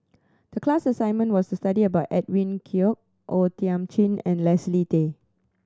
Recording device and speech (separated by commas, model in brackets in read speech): standing microphone (AKG C214), read sentence